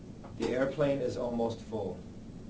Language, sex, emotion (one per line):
English
male
neutral